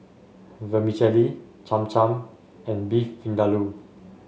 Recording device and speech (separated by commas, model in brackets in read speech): mobile phone (Samsung S8), read sentence